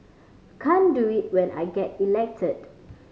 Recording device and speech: mobile phone (Samsung C5010), read sentence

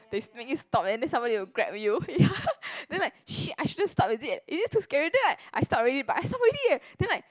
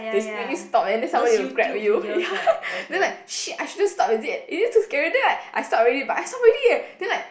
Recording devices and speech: close-talking microphone, boundary microphone, conversation in the same room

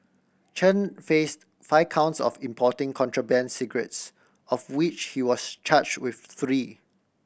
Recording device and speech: boundary microphone (BM630), read sentence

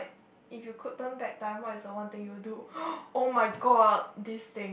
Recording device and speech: boundary microphone, conversation in the same room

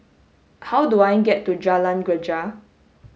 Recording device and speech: mobile phone (Samsung S8), read sentence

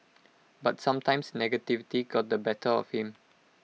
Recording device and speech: mobile phone (iPhone 6), read sentence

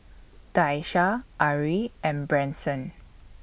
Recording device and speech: boundary microphone (BM630), read sentence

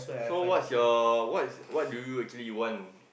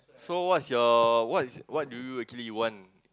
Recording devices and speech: boundary microphone, close-talking microphone, conversation in the same room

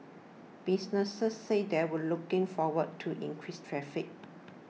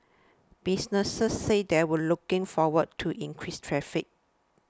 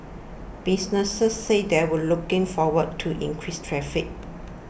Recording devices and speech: mobile phone (iPhone 6), standing microphone (AKG C214), boundary microphone (BM630), read sentence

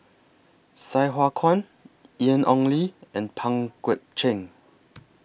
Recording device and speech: boundary microphone (BM630), read sentence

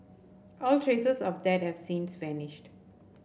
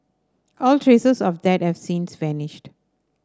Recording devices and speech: boundary microphone (BM630), standing microphone (AKG C214), read sentence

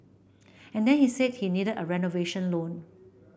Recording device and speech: boundary microphone (BM630), read sentence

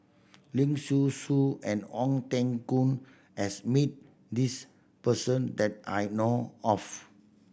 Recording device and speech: boundary microphone (BM630), read sentence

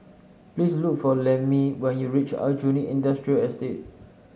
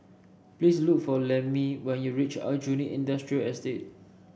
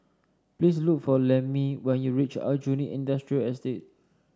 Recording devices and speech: mobile phone (Samsung S8), boundary microphone (BM630), standing microphone (AKG C214), read sentence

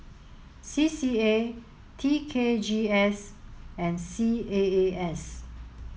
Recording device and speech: mobile phone (Samsung S8), read sentence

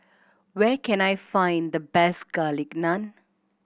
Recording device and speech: boundary microphone (BM630), read sentence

